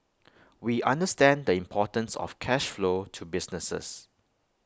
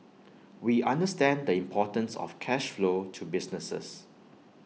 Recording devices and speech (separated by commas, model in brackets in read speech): close-talking microphone (WH20), mobile phone (iPhone 6), read sentence